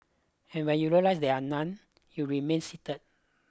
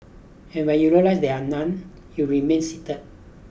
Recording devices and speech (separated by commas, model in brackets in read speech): close-talking microphone (WH20), boundary microphone (BM630), read sentence